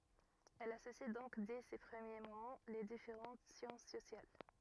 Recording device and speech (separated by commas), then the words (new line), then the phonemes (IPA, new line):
rigid in-ear microphone, read sentence
Elle associe donc dès ses premiers moments les différentes sciences sociales.
ɛl asosi dɔ̃k dɛ se pʁəmje momɑ̃ le difeʁɑ̃t sjɑ̃s sosjal